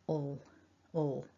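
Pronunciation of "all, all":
A dark L sound is said on its own, twice.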